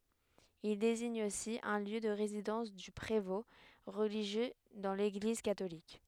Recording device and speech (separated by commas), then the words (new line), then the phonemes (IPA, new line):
headset microphone, read sentence
Il désigne aussi un lieu de résidence du prévôt, religieux dans l'Église catholique.
il deziɲ osi œ̃ ljø də ʁezidɑ̃s dy pʁevɔ̃ ʁəliʒjø dɑ̃ leɡliz katolik